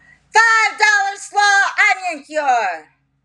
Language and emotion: English, angry